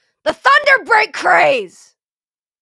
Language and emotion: English, angry